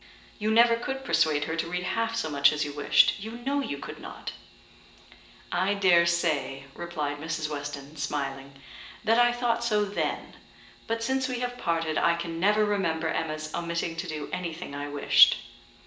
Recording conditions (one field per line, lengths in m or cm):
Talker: one person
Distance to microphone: 1.8 m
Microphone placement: close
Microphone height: 1.0 m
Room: large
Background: none